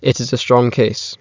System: none